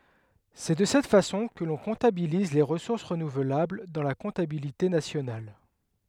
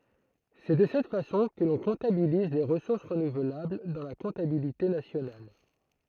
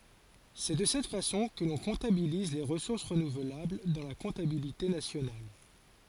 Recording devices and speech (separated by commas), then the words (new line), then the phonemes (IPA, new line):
headset microphone, throat microphone, forehead accelerometer, read sentence
C'est de cette façon que l'on comptabilise les ressources renouvelables dans la comptabilité nationale.
sɛ də sɛt fasɔ̃ kə lɔ̃ kɔ̃tabiliz le ʁəsuʁs ʁənuvlabl dɑ̃ la kɔ̃tabilite nasjonal